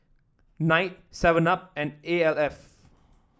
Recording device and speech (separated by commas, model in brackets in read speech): standing microphone (AKG C214), read sentence